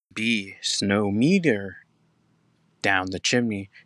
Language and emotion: English, sad